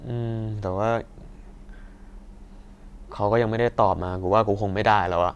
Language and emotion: Thai, neutral